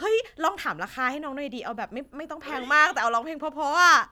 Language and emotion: Thai, happy